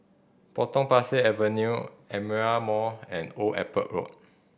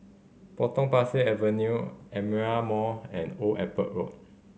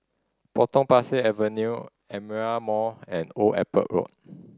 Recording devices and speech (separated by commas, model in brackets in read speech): boundary microphone (BM630), mobile phone (Samsung C5010), standing microphone (AKG C214), read sentence